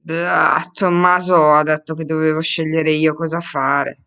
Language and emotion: Italian, disgusted